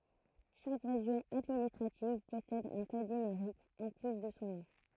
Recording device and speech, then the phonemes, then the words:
throat microphone, read sentence
ʃak ʁeʒjɔ̃ administʁativ pɔsɛd œ̃ kɔd nymeʁik ɑ̃ ply də sɔ̃ nɔ̃
Chaque région administrative possède un code numérique, en plus de son nom.

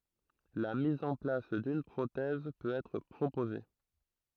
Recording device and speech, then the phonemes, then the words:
throat microphone, read sentence
la miz ɑ̃ plas dyn pʁotɛz pøt ɛtʁ pʁopoze
La mise en place d'une prothèse peut être proposée.

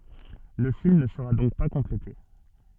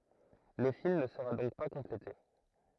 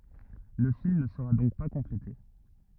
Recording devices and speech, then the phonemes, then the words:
soft in-ear microphone, throat microphone, rigid in-ear microphone, read sentence
lə film nə səʁa dɔ̃k pa kɔ̃plete
Le film ne sera donc pas complété.

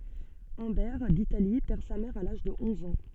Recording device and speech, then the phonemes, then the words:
soft in-ear microphone, read sentence
œ̃bɛʁ ditali pɛʁ sa mɛʁ a laʒ də ɔ̃z ɑ̃
Humbert d'Italie perd sa mère à l'âge de onze ans.

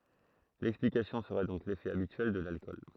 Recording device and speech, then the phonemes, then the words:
throat microphone, read sentence
lɛksplikasjɔ̃ səʁɛ dɔ̃k lefɛ abityɛl də lalkɔl
L'explication serait donc l'effet habituel de l'alcool.

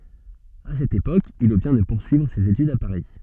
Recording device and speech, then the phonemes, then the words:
soft in-ear microphone, read sentence
a sɛt epok il ɔbtjɛ̃ də puʁsyivʁ sez etydz a paʁi
À cette époque, il obtient de poursuivre ses études à Paris.

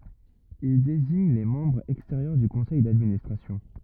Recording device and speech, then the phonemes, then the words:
rigid in-ear microphone, read sentence
il deziɲ le mɑ̃bʁz ɛksteʁjœʁ dy kɔ̃sɛj dadministʁasjɔ̃
Il désigne les membres extérieurs du Conseil d'Administration.

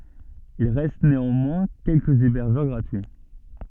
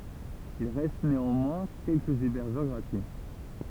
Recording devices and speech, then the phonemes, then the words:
soft in-ear microphone, temple vibration pickup, read sentence
il ʁɛst neɑ̃mwɛ̃ kɛlkəz ebɛʁʒœʁ ɡʁatyi
Il reste néanmoins quelques hébergeurs gratuits.

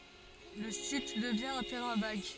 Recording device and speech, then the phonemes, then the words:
forehead accelerometer, read sentence
lə sit dəvjɛ̃ œ̃ tɛʁɛ̃ vaɡ
Le site devient un terrain vague.

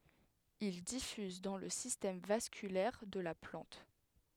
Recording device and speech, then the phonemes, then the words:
headset microphone, read sentence
il difyz dɑ̃ lə sistɛm vaskylɛʁ də la plɑ̃t
Il diffuse dans le système vasculaire de la plante.

